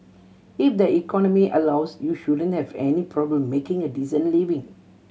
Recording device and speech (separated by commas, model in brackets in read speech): mobile phone (Samsung C7100), read sentence